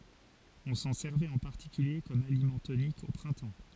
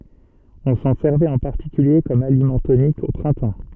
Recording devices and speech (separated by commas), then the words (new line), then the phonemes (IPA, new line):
forehead accelerometer, soft in-ear microphone, read sentence
On s'en servait en particulier comme aliment tonique, au printemps.
ɔ̃ sɑ̃ sɛʁvɛt ɑ̃ paʁtikylje kɔm alimɑ̃ tonik o pʁɛ̃tɑ̃